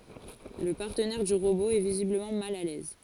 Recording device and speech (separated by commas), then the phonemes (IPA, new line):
forehead accelerometer, read sentence
lə paʁtənɛʁ dy ʁobo ɛ vizibləmɑ̃ mal a lɛz